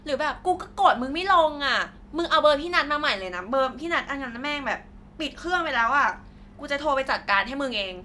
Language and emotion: Thai, frustrated